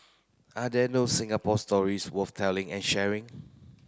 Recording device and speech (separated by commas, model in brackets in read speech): close-talking microphone (WH30), read sentence